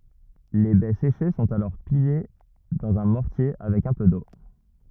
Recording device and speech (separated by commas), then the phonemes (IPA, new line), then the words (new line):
rigid in-ear microphone, read sentence
le bɛ seʃe sɔ̃t alɔʁ pile dɑ̃z œ̃ mɔʁtje avɛk œ̃ pø do
Les baies séchées sont alors pilées dans un mortier avec un peu d’eau.